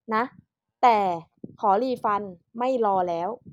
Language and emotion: Thai, frustrated